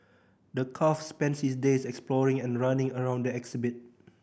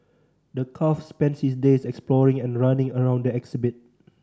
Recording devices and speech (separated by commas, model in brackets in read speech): boundary microphone (BM630), standing microphone (AKG C214), read sentence